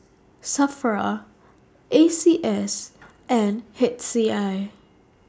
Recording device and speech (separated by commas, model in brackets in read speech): standing microphone (AKG C214), read sentence